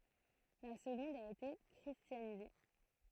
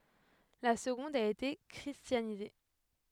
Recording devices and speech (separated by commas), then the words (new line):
throat microphone, headset microphone, read sentence
La seconde a été christianisée.